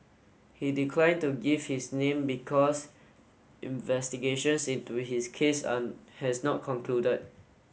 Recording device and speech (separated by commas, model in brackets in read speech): mobile phone (Samsung S8), read sentence